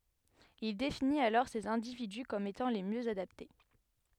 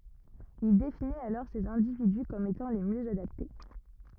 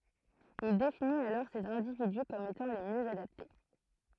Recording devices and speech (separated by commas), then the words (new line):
headset microphone, rigid in-ear microphone, throat microphone, read sentence
Il définit alors ces individus comme étant les mieux adaptés.